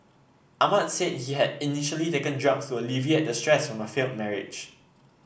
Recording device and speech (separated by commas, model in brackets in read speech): boundary microphone (BM630), read sentence